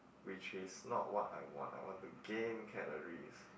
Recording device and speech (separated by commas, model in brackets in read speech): boundary microphone, conversation in the same room